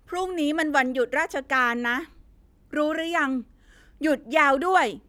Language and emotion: Thai, angry